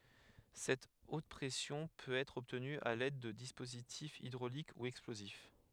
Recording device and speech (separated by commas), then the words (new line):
headset microphone, read sentence
Cette haute pression peut être obtenue à l’aide de dispositifs hydrauliques ou explosifs.